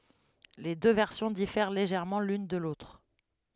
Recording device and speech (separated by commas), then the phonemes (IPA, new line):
headset microphone, read sentence
le dø vɛʁsjɔ̃ difɛʁ leʒɛʁmɑ̃ lyn də lotʁ